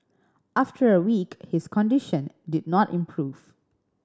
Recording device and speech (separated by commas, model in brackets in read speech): standing microphone (AKG C214), read sentence